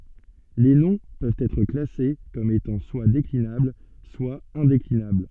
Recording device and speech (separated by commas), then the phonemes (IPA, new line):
soft in-ear microphone, read sentence
le nɔ̃ pøvt ɛtʁ klase kɔm etɑ̃ swa deklinabl swa ɛ̃deklinabl